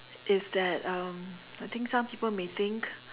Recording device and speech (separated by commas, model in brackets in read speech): telephone, conversation in separate rooms